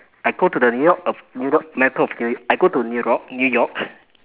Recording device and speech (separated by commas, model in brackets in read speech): telephone, conversation in separate rooms